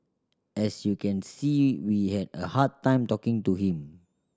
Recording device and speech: standing microphone (AKG C214), read sentence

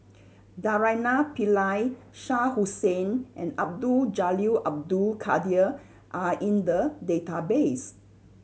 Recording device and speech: mobile phone (Samsung C7100), read sentence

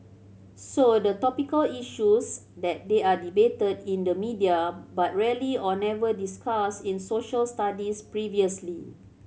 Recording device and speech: mobile phone (Samsung C7100), read sentence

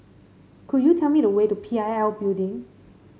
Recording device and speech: mobile phone (Samsung C5), read sentence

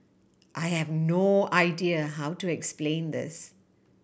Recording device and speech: boundary microphone (BM630), read sentence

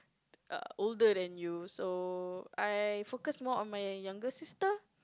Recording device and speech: close-talking microphone, conversation in the same room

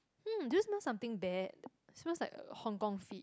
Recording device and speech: close-talking microphone, conversation in the same room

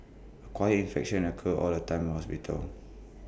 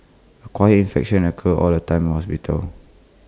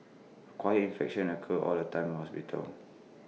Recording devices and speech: boundary microphone (BM630), close-talking microphone (WH20), mobile phone (iPhone 6), read sentence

